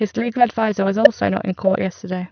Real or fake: fake